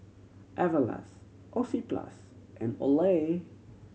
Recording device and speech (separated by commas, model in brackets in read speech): mobile phone (Samsung C7100), read sentence